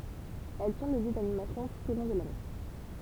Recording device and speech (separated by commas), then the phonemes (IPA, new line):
temple vibration pickup, read sentence
ɛl sɔ̃ lə ljø danimasjɔ̃ tut o lɔ̃ də lane